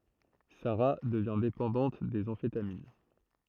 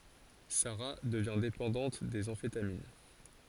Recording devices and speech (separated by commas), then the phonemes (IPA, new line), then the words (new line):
throat microphone, forehead accelerometer, read sentence
saʁa dəvjɛ̃ depɑ̃dɑ̃t dez ɑ̃fetamin
Sara devient dépendante des amphétamines.